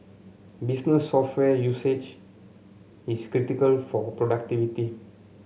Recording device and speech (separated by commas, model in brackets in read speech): mobile phone (Samsung C7), read sentence